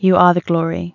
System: none